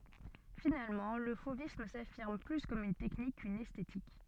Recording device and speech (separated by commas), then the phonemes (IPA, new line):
soft in-ear microphone, read sentence
finalmɑ̃ lə fovism safiʁm ply kɔm yn tɛknik kyn ɛstetik